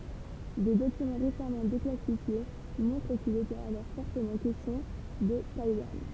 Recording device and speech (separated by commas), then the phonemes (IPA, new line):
temple vibration pickup, read sentence
de dokymɑ̃ ʁesamɑ̃ deklasifje mɔ̃tʁ kil etɛt alɔʁ fɔʁtəmɑ̃ kɛstjɔ̃ də tajwan